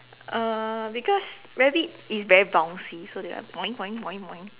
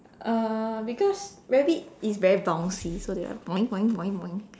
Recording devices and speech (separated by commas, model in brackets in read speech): telephone, standing microphone, conversation in separate rooms